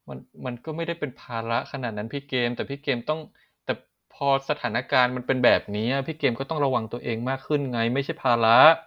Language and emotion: Thai, frustrated